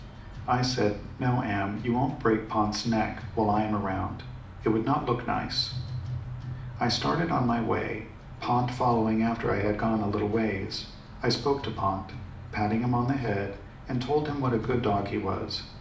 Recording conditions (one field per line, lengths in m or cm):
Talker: one person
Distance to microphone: 2.0 m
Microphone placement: close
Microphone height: 99 cm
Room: medium-sized (5.7 m by 4.0 m)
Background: music